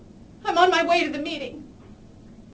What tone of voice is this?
fearful